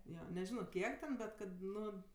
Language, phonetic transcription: Lithuanian, ˈjo neˈžino ˈkiek ten ˈbet ˈkad ˈnu

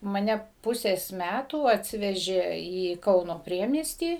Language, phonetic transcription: Lithuanian, maˈne ˈpusės ˈmætų atˈsivežė į ˈkauno ˈpriemiestį

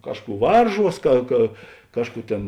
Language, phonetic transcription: Lithuanian, ˈkažˌkų ˈvarˌžuos ka ka ˈkažˌkų ˈtėn

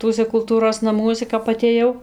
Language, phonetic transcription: Lithuanian, ˈtuose kulˈtūros naˈmuose kap atėˈjau

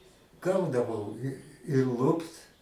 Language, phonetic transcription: Lithuanian, ˈgaudavau i i ˈlupt

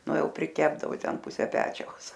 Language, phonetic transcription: Lithuanian, ˈnu ˈjau priˈkepdavo ˈten ˈpuse ˈpečiaus

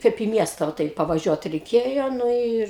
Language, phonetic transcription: Lithuanian, ˈkaip į ˈmiesta va ˈtai pavaˈžiuot reiˈkėjo ˈnu ir

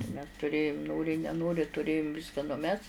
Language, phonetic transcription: Lithuanian, mes tuˈrėjum ˈnori neˈnori tuˈrėjum ˈviska nuˈmes

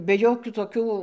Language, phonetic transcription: Lithuanian, be ˈjokių toˈkių

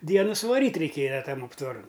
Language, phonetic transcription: Lithuanian, ˈdienu suvaˈryt' reiˈkėja ˈtam aptvaˈran

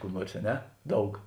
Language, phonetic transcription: Lithuanian, ˈkų ˈnuors a ˈne ˈdaug

